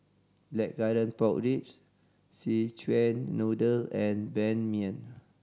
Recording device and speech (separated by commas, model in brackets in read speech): standing microphone (AKG C214), read sentence